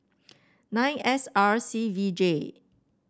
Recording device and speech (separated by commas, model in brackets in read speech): standing microphone (AKG C214), read sentence